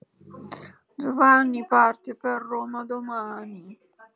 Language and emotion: Italian, sad